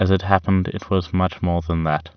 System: none